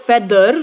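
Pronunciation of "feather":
'Feather' is pronounced incorrectly here, with the r sounded at the end.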